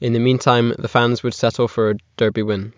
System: none